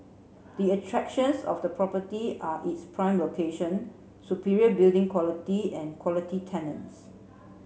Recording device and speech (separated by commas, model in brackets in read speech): mobile phone (Samsung C7), read sentence